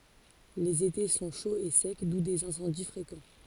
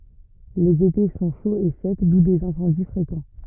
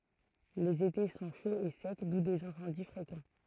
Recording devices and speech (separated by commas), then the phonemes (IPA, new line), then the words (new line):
forehead accelerometer, rigid in-ear microphone, throat microphone, read sentence
lez ete sɔ̃ ʃoz e sɛk du dez ɛ̃sɑ̃di fʁekɑ̃
Les étés sont chauds et secs, d'où des incendies fréquents.